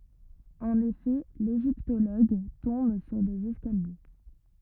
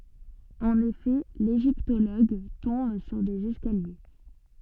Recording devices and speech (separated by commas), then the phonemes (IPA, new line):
rigid in-ear microphone, soft in-ear microphone, read sentence
ɑ̃n efɛ leʒiptoloɡ tɔ̃b syʁ dez ɛskalje